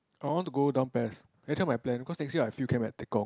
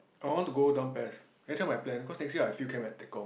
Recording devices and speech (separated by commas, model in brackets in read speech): close-talking microphone, boundary microphone, conversation in the same room